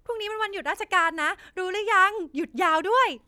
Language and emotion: Thai, happy